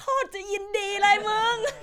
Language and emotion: Thai, happy